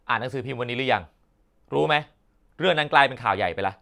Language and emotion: Thai, angry